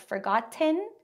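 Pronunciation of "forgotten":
In 'forgotten', the t is released as a full t sound, not said as a glottal stop.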